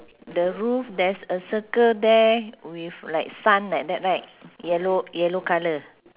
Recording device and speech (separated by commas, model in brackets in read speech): telephone, conversation in separate rooms